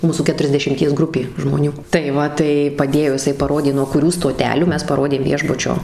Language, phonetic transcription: Lithuanian, ˈmūsų keturiasdešimˈties ˈgrupė žmoˈnių tai ˈva tai paˈdėjo jiˈsai paˈrodė nuo kuˈrių stoˈtelių ˈmes paˈrodėm ˈviešbučio

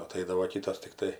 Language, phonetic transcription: Lithuanian, aˈtaidavo ˈkytas tikˈtai

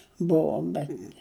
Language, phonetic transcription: Lithuanian, ˈbuvom bet

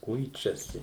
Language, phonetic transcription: Lithuanian, ˈkuičiasi

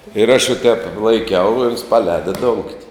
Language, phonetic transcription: Lithuanian, ir aš va ˈtēp laiˈkiau i ons paˈlēda dongt'

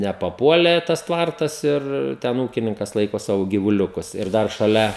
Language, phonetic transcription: Lithuanian, nepaˈpuolė tas ˈtvartas ir ˈten ˈūkininkas ˈlaiko ˈsavo gyvuˈliukus ir ˈdar šaˈlia

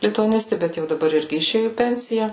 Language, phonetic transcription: Lithuanian, lituaˈnisti ˈbet jau daˈbar ˈirgi iˈšėju į ˈpensija

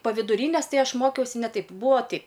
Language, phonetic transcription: Lithuanian, pa viduˈrynės ˈtai ˈaš ˈmokiausi ˈne ˈtaip ˈbūo ˈteip

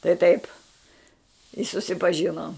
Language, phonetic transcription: Lithuanian, tai taip i susipaˈžinom

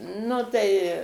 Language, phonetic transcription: Lithuanian, ˈnu tai

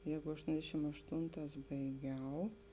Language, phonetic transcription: Lithuanian, ˈjeigu ašˈtondešim ašˈtonˌtās baiˈgiau

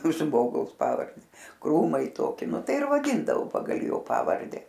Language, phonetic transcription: Lithuanian, ˈžmogaus ˈpavarde ˈkrūmai ˈtoki ˈnu ˈtai ir vaˈdyndavo ˈpagal ˈjo ˈpavarde

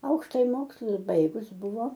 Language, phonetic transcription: Lithuanian, ˈaukštaji ˈmokslus ˈbaigus ˈbuvo

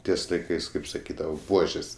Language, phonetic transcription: Lithuanian, ˈties laiˈkais kaip saˈkydava ˈbuožės

